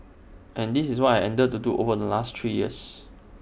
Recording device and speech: boundary microphone (BM630), read sentence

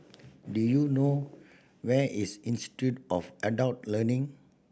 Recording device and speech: boundary microphone (BM630), read sentence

